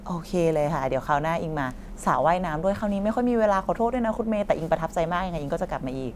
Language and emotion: Thai, happy